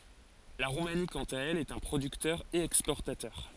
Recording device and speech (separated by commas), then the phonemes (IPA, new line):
forehead accelerometer, read sentence
la ʁumani kɑ̃t a ɛl ɛt œ̃ pʁodyktœʁ e ɛkspɔʁtatœʁ